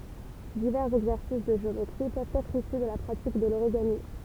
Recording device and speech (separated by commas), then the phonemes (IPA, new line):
temple vibration pickup, read sentence
divɛʁz ɛɡzɛʁsis də ʒeometʁi pøvt ɛtʁ isy də la pʁatik də loʁiɡami